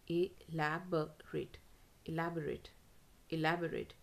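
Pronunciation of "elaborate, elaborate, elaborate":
'Elaborate' is pronounced correctly here, all three times.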